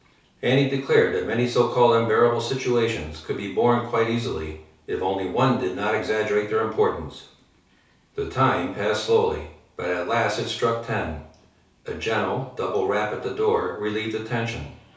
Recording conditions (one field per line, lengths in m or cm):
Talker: one person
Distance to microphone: 3.0 m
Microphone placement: far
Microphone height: 1.8 m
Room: small (3.7 m by 2.7 m)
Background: television